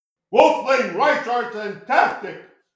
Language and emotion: English, disgusted